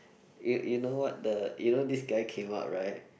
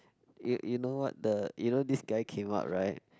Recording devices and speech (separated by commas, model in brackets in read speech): boundary microphone, close-talking microphone, conversation in the same room